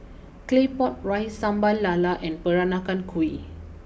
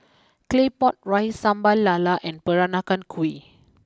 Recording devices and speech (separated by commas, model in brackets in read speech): boundary microphone (BM630), close-talking microphone (WH20), read sentence